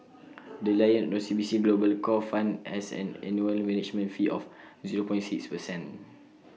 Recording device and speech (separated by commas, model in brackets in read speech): mobile phone (iPhone 6), read sentence